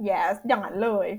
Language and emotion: Thai, happy